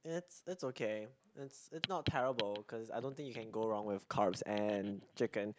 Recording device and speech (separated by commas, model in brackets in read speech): close-talking microphone, conversation in the same room